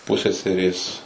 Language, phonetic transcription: Lithuanian, ˈpuseserės

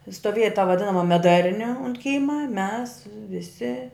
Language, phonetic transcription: Lithuanian, stoˈvėja ta vaˈdinama meˈdarni unt ˈkyma mes viˈsi

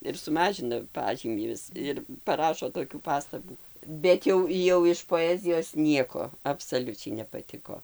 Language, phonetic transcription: Lithuanian, ir suˈmažina ˈpažymį ˈvis ir paˈrašo toˈkių ˈpastabų ˈbet jau jau iš poˈezijos ˈnieko absaˈliučiai nepaˈtiko

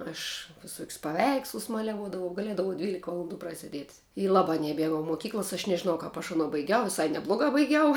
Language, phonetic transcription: Lithuanian, aš viˈsok's' paˈveikslus ˈmaliavuodavau gaˈliedavau ˈdvylika valanˈdų praseˈdiet' i ˈlabā neˈmiegau moˈkyklas aš nežiˈnau ˈkap aš aˈno baiˈgiau viˈsai neˈblogā baiˈgiau

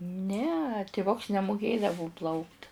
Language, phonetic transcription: Lithuanian, ne tiˈvuks nemuˈkėdavu ˈplaukt

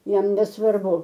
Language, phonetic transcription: Lithuanian, ˈjam nesvarˈbu

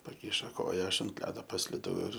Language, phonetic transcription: Lithuanian, paˈkišo ˈkoja ˈaš ant ˈledo pasliˈdau ir

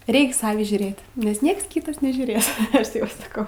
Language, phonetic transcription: Lithuanian, ˈreiks ˈsavį žiūˈrėt nes ˈnieks ˈkytas nežiūˈrės ˈaš ˈtėp saˈkau

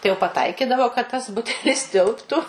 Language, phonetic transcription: Lithuanian, tai jau paˈtaikidavo kad tas ˈbutelis ˈtilptu

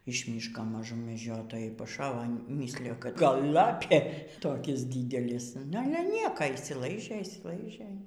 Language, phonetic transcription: Lithuanian, iš ˈmyško maˈžum meˈdžiotojai paˈšavo ˈmyslijo kad ˈgal ˈlapė ˈtokis ˈdydelis nu ˈale ˈnieko išsiˈlaižė išsiˈlaižė

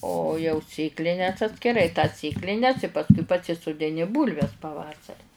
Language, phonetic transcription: Lithuanian, o jau ˈsėklines atskiˈrai tas ˈsėklines pasˈkui pasisudiˈni ˈbūlves paˈvasari

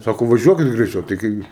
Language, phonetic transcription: Lithuanian, ˈsako vaˈžiuokit greiˈčiau tai ˈkai

